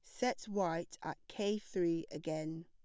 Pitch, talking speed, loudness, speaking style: 170 Hz, 145 wpm, -39 LUFS, plain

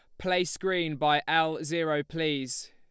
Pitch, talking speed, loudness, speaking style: 160 Hz, 145 wpm, -28 LUFS, Lombard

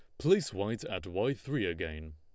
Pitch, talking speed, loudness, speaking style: 115 Hz, 185 wpm, -33 LUFS, Lombard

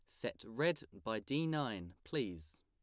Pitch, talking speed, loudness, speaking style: 110 Hz, 150 wpm, -40 LUFS, plain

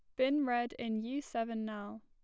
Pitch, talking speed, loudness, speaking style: 235 Hz, 195 wpm, -36 LUFS, plain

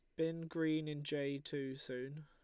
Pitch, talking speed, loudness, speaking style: 150 Hz, 175 wpm, -41 LUFS, Lombard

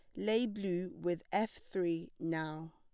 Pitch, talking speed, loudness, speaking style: 175 Hz, 140 wpm, -37 LUFS, plain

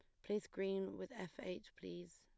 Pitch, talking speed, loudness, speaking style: 185 Hz, 190 wpm, -46 LUFS, plain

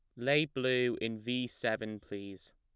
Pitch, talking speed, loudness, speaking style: 110 Hz, 155 wpm, -34 LUFS, plain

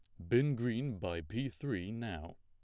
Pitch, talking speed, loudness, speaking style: 110 Hz, 175 wpm, -37 LUFS, plain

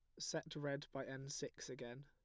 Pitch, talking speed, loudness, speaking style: 140 Hz, 195 wpm, -47 LUFS, plain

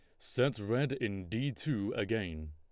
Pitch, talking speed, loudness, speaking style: 115 Hz, 155 wpm, -35 LUFS, Lombard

